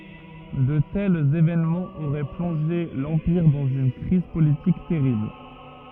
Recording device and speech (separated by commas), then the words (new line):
rigid in-ear microphone, read sentence
De tels événements auraient plongé l'Empire dans une crise politique terrible.